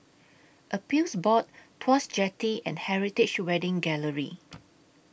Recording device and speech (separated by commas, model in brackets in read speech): boundary microphone (BM630), read sentence